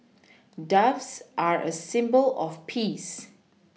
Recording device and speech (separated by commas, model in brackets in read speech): mobile phone (iPhone 6), read sentence